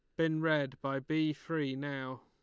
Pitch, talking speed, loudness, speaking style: 145 Hz, 180 wpm, -34 LUFS, Lombard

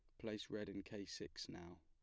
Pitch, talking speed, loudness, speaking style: 100 Hz, 220 wpm, -50 LUFS, plain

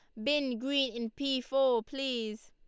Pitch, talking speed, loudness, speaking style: 260 Hz, 160 wpm, -32 LUFS, Lombard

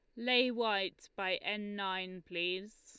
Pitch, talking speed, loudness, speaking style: 200 Hz, 140 wpm, -35 LUFS, Lombard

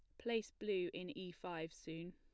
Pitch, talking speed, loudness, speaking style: 180 Hz, 185 wpm, -45 LUFS, plain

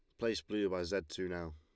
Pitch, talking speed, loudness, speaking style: 95 Hz, 265 wpm, -38 LUFS, Lombard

